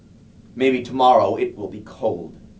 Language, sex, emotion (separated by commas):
English, male, neutral